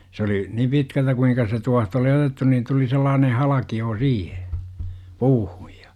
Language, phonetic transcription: Finnish, s ‿oli , ni "pitkältä kuiŋka se 'tuaht ‿oli "otettu niin tuli sellaanen̬ 'halaki₍oo "siihe , "puuhUJ JA ,.
- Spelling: se oli niin pitkältä kuinka se tuohta oli otettu niin tuli sellainen halkio siihen puuhun ja

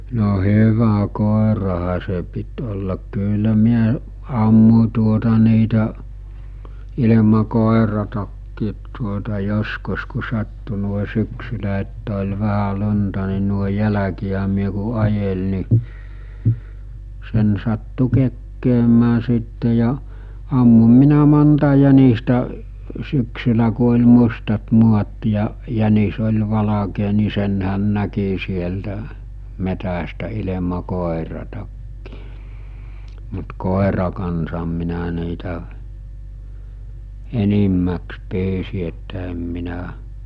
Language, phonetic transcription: Finnish, no 'hyvä 'kòeraha se pit ollak 'kyllä 'miä , 'ammu͕ tuota niitä , ilema 'kòeratakkiit tuota 'joskus ku 'sattu nuoe 'syksylä ettᴀ̈ oĺ 'vähä 'lu͕nta ni nuoe 'jäläki₍ä myö ku 'ajel ni , 'sen sattu 'kekkeemää sìtte ja , ammum 'minä 'monta jänistä , 'syksylä ku oĺ 'mustat 'muat ja , 'jänis oĺ 'valakee ni 'senhän 'näki sieltä , 'metästä ilema 'kòeratakkɪɪ , mut 'kòera kansam minä niitä , "enimmäks 'pyysi että em minä ,.
- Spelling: no hyvä koirahan se piti olla kyllä minä ammuin tuota niitä ilman koirattakin tuota joskus kun sattui noin syksyllä että oli vähän lunta niin noin jälkiä myöten kun ajeli niin sen sattui kekkäämään sitten ja ammun minä monta jänistä syksyllä kun oli mustat maat ja jänis oli valkea niin senhän näki sieltä metsästä ilman koiraakin mutta koiran kanssa minä niitä enimmäkseen pyysin että en minä

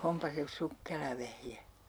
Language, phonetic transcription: Finnish, "ompa se "sukkela vehje !
- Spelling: onpa se sukkela vehje

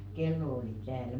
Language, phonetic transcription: Finnish, "kello oli 'tääl .
- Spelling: kello oli täällä

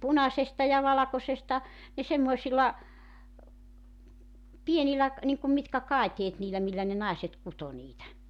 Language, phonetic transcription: Finnish, "punasesta ja "valakosesta , ne 'semmoisila , 'pienilä , niiŋkum mitka̳§ "kàeteet niilä 'millä ne "nàeset 'kuto niitä .
- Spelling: punaisesta ja valkoisesta ne semmoisilla pienillä niin kuin mitkä kaiteet niillä millä ne naiset kutoi niitä

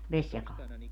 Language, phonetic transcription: Finnish, "Veśjakaal .
- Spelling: Vesijakaalla

